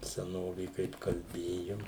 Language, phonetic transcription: Lithuanian, seˈnovė ˈkaip kalˈbėjom

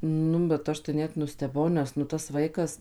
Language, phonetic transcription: Lithuanian, ˈnu bet ˈaš tai ˈnet nusteˈbau ˈnes nu tas ˈvaikas

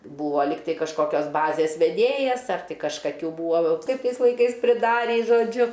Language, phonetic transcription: Lithuanian, ˈbūvo ˈlyg ˈtai kažkoˈkios ˈbazės veˈdėjas ar kažkaˈkių ˈbūo ˈkaip ˈtais laiˈkais priˈdarį žoˈdžiu

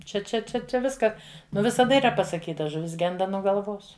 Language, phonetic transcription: Lithuanian, čia čia ˈčia čia ˈviska ˈnu visaˈda yˈra pasaˈkyta žuˈvis ˈgenda nuo galˈvos

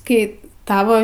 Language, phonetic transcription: Lithuanian, ˈkai ˈtavo

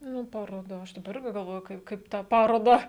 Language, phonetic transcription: Lithuanian, ˈnu paroˈda ˈaš daˈba ˈirgi galˈvoju ˈkaip ˈkaip tą ˈparodą

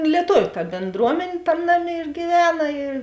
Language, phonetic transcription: Lithuanian, lieˈtoviu ta bėnˈdruomen' ˈtam' ˈnaˌmė ir gyˈvena ir

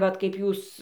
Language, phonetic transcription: Lithuanian, ˈvat kaip ˈjūs

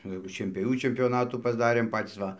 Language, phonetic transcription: Lithuanian, jau šienpioˈvių čempioˈnatų pasˈdarėm ˈpatys ˈva

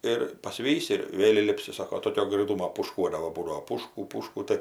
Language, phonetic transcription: Lithuanian, ir paˈsvysi ir ˈvėl' įˈlipsi ˈsako toˈkio graiˈtūmo pūšˈkuodavo ˈbūdavo ˈpūšku ˈpūšku ˈtɜ

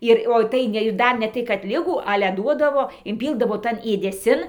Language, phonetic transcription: Lithuanian, ˈir o ˈtai ne ir ˈdar ne ˈtai kad ˈligų ˈale ˈduodavo inˈpyldavo ˈtan ėdeˈsin

